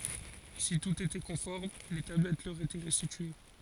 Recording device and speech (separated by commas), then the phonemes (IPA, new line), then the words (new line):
forehead accelerometer, read sentence
si tut etɛ kɔ̃fɔʁm le tablɛt lœʁ etɛ ʁɛstitye
Si tout était conforme les tablettes leur étaient restituées.